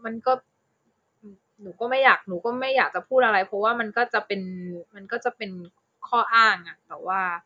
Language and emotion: Thai, frustrated